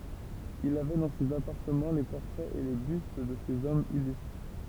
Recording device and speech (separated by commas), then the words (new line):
temple vibration pickup, read sentence
Il avait dans ses appartements les portraits et les bustes de ces hommes illustres.